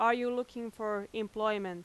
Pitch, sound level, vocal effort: 220 Hz, 91 dB SPL, very loud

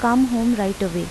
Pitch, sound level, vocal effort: 230 Hz, 84 dB SPL, normal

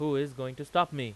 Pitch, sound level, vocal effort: 140 Hz, 94 dB SPL, loud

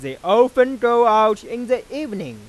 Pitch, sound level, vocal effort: 235 Hz, 102 dB SPL, loud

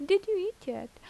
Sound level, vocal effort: 85 dB SPL, normal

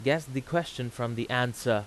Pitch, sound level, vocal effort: 125 Hz, 89 dB SPL, very loud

